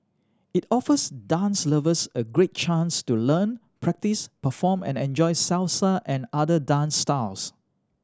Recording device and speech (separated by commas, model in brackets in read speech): standing microphone (AKG C214), read sentence